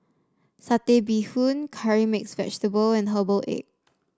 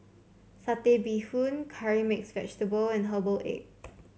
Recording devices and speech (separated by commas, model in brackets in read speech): standing microphone (AKG C214), mobile phone (Samsung C7), read sentence